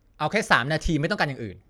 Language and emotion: Thai, angry